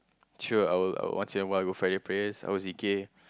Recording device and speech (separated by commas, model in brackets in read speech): close-talking microphone, conversation in the same room